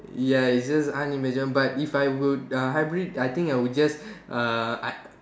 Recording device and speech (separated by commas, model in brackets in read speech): standing microphone, conversation in separate rooms